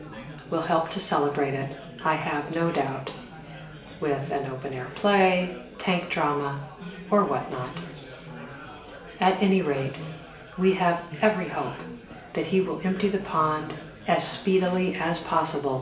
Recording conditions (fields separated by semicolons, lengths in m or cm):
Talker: one person; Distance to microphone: 1.8 m; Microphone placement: close; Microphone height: 1.0 m; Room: large; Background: babble